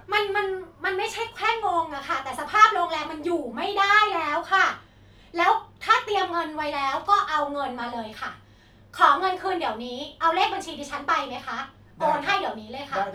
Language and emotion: Thai, frustrated